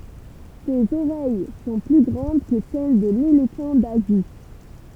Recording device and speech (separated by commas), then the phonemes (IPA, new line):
temple vibration pickup, read sentence
sez oʁɛj sɔ̃ ply ɡʁɑ̃d kə sɛl də lelefɑ̃ dazi